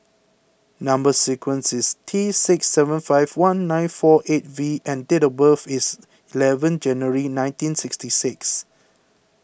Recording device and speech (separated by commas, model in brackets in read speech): boundary microphone (BM630), read sentence